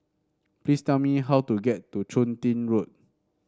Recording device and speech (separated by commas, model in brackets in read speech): standing microphone (AKG C214), read sentence